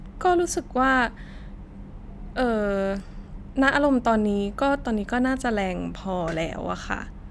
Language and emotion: Thai, frustrated